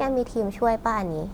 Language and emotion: Thai, neutral